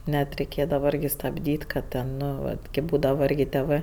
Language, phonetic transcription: Lithuanian, ˈnet reiˈkėdava ˈirgi stabˈdyt' ka ˈten ˈno ˈvat kėp ˈbūdava ˈirgi tėˈvɜ

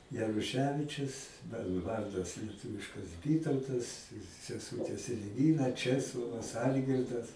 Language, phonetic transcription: Lithuanian, jaruˈševičius ˈmano i ˈvardas lieˈtuviškas ˈvytautas seˈsūtės el'ˈvyra ˈčeslovas ˈalgirdas

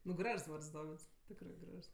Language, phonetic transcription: Lithuanian, nu ˈgražs ˈvards ˈdovids ˈtikrɜ ˈgražs

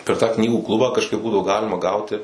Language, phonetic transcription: Lithuanian, per tą ˈknygų ˈklubą kažˈkaip ˈbūdavo ˈgalima ˈgauti

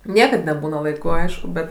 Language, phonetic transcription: Lithuanian, ˈniekad neˈbūna laiˈku ˈaišku bet

